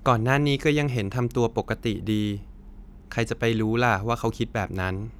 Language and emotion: Thai, neutral